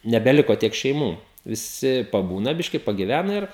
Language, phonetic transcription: Lithuanian, nebeˈliko ˈtiek šeiˈmų viˈsi paˈbūna ˈbiški pagiˈvæna ˈir

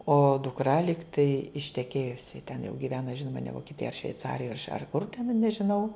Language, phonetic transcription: Lithuanian, o dukˈra ˈligtai išteˈkėjusi ten jau giˈvena ˈžinoma ne vokieˈtijoj ar šveiˈcarijoj ar kur ten nežiˈnau

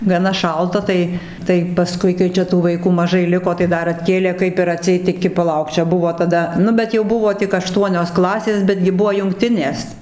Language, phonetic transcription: Lithuanian, gaˈna ˈšalta ˈtai ˈtai paˈskui kai ˈčia tų vaiˈkų maˈžai ˈliko tai ˈdar atˈkėlė ˈkaip ir aˈtseit iˈki paˈlauk ˈčia ˈbuvo taˈda ˈnu bet jau ˈbuvo tik aˈštuonios ˈklasės ˈbetgi ˈbuvo jungˈtinės

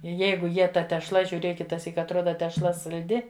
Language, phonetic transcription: Lithuanian, ˈjeigu ˈjie ta tešˈla žiuˈrėk kitaˈsyk atˈroda tešˈla salˈdi

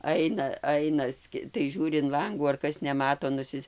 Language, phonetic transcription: Lithuanian, ˈaina ˈaina ˈski tai ˈžiūri in ˈlangų ar ˈkas neˈmato nuˈsis'

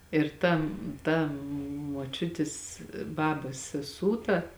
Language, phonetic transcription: Lithuanian, ir ˈta ˈta moˈčiutis ˈbabas seˈsū ta

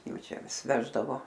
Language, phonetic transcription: Lithuanian, ˈjau ˈčia ˈvis ˈveždavo

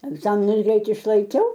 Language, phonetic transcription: Lithuanian, egˈzaminus ˈgreit išlaiˈkiau

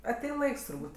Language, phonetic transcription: Lithuanian, aˈtein ˈlaiks turˈbūt'

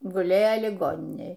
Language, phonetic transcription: Lithuanian, guˈlėja liˈgoninėj

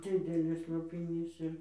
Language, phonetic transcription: Lithuanian, ˈdzidelis lopiˈnys ir

